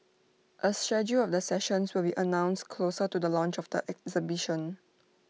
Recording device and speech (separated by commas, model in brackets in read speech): mobile phone (iPhone 6), read sentence